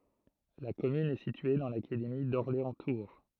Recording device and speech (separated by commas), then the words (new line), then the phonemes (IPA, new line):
throat microphone, read sentence
La commune est située dans l'académie d'Orléans-Tours.
la kɔmyn ɛ sitye dɑ̃ lakademi dɔʁleɑ̃stuʁ